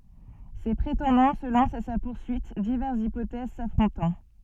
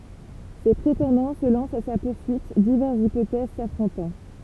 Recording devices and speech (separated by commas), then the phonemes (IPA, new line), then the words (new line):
soft in-ear microphone, temple vibration pickup, read sentence
se pʁetɑ̃dɑ̃ sə lɑ̃st a sa puʁsyit divɛʁsz ipotɛz safʁɔ̃tɑ̃
Ses prétendants se lancent à sa poursuite, diverses hypothèses s'affrontant.